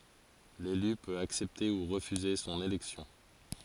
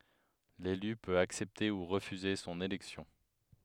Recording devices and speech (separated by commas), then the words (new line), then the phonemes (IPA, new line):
forehead accelerometer, headset microphone, read sentence
L'élu peut accepter ou refuser son élection.
lely pøt aksɛpte u ʁəfyze sɔ̃n elɛksjɔ̃